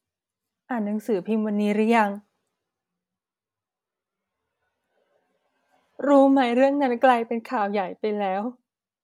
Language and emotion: Thai, sad